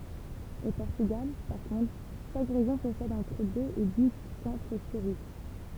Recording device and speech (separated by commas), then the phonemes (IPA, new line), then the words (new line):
temple vibration pickup, read sentence
o pɔʁtyɡal paʁ kɔ̃tʁ ʃak ʁeʒjɔ̃ pɔsɛd ɑ̃tʁ døz e di sɑ̃tʁ spiʁit
Au Portugal, par contre, chaque région possède entre deux et dix centres spirites.